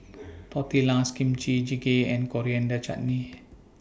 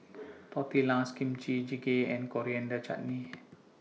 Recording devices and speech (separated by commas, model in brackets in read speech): boundary microphone (BM630), mobile phone (iPhone 6), read sentence